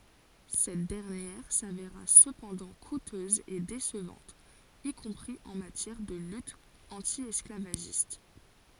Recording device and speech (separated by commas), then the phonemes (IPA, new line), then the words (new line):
forehead accelerometer, read sentence
sɛt dɛʁnjɛʁ saveʁa səpɑ̃dɑ̃ kutøz e desəvɑ̃t i kɔ̃pʁi ɑ̃ matjɛʁ də lyt ɑ̃tjɛsklavaʒist
Cette dernière s'avéra cependant coûteuse et décevante, y compris en matière de lutte anti-esclavagiste.